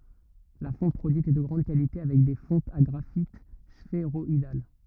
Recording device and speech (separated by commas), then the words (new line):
rigid in-ear microphone, read sentence
La fonte produite est de grande qualité avec des fontes à graphites sphéroïdales.